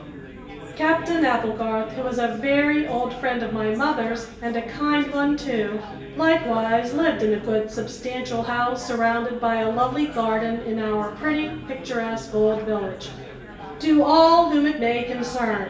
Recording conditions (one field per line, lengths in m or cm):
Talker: one person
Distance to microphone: 1.8 m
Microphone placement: close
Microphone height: 1.0 m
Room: large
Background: babble